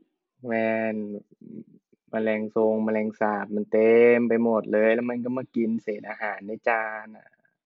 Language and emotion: Thai, frustrated